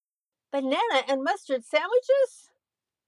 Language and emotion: English, neutral